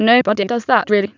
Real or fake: fake